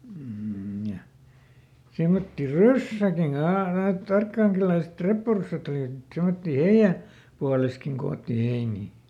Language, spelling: Finnish, mm ja semmoisia ryssäkin - näet arkangelilaiset reppuryssät olivat niin semmoisia heidän puolessakin koottiin heiniä
- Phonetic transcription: m̥ ja , ˈsemmotti "ryssäkiŋ ka- , näätˈt ‿arkkàŋkeliläiset "reppuryssät ‿oli(t ni) , ˈsemottii "heiʲä , ˈpualeskiŋ ˈkoottii ˈheinii .

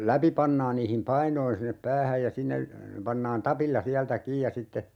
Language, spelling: Finnish, läpi pannaan niihin painoihin sinne päähän ja sinne pannaan tapilla sieltä kiinni ja sitten
- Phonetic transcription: 'läpi pannaan niihim "painoin sinnep "päähäj ja 'sinne , 'pannaan "tapilla 'siältä 'kiij ja sitte , .

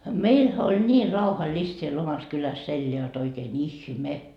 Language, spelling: Finnish, meillähän oli niin rauhallista siellä omassa kylässä elää jotta oikein ihme
- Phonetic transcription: "meilhä oĺ 'ńii 'rauha"list siel 'omas kyläs 'elleä jot oikeen "ihme .

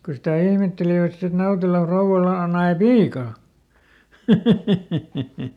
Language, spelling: Finnish, kun sitä ihmettelivät sitten että Nautelan rouvalla - nai piian
- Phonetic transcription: ko sitä ˈihmettelivät sit ‿et ˈNautela ˈfrouʷala o- , ˈnae "piika .

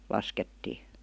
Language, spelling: Finnish, laskettiin
- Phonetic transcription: laskettii .

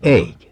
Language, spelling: Finnish, eikö
- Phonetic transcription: "eikö ?

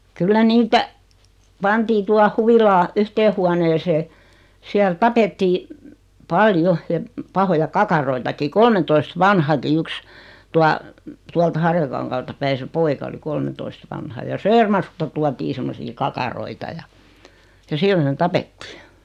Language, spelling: Finnish, kyllä niitä pantiin tuohon huvilaan yhteen huoneeseen siellä tapettiin paljon ja pahoja kakaroitakin kolmentoista vanhakin yksi tuo tuolta Harjakankaalta päin se poika oli kolmentoista vanha ja Söörmarkusta tuotiin semmoisia kakaroita ja ja siihen ne tapettiin
- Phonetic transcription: 'kyllä 'niitä , 'pantii 'tuah "huvilaa , 'yhtee huoneesee , siäl 'tapettii , "pal"jo ja , 'pahoja "kakaroitaki 'kolmentoist "vanhaki 'yks , 'tua , 'tualt 'Harjakaŋkaalta päi se 'poika oli 'kolmentoist vanha ja 'Söörmarkusta tuatii semmosii 'kakaroita ja , ja '(siihen) ne "tapettɪɪ .

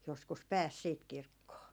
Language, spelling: Finnish, joskus pääsi sitten kirkkoon
- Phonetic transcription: joskus "pääs siit 'kirkkoo .

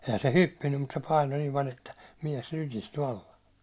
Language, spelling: Finnish, eihän se hyppinyt mutta se painoi niin paljon että mies lykistyi alla
- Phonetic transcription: ehä se "hyppinnym mut se 'paino nim paĺ ‿että , 'miɛs 'lykisty alla .

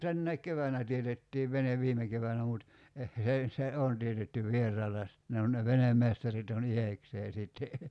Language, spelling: Finnish, tänäkin keväänä teetettiin vene viime keväänä mutta - se ei se on teetetty vieraalla ja sitten ne on ne venemestarit on itsekseen sitten
- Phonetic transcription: 'tännäik "kevänä 'tietettiiv 'venev "viime 'kevänä mut , eh s ‿ei , "se on tietytty 'v̀ier̀aalla ja sit ne on ne 'venemmestarit ‿on "iheksee sìtte .

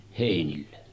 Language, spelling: Finnish, heinille
- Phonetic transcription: 'hèinille .

